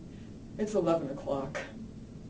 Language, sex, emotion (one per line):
English
female
sad